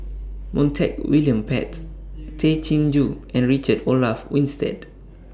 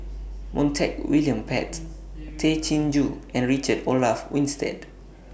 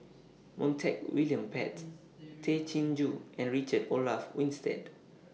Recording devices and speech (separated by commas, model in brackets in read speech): standing microphone (AKG C214), boundary microphone (BM630), mobile phone (iPhone 6), read sentence